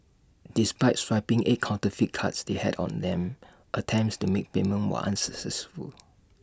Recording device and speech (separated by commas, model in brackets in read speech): standing microphone (AKG C214), read sentence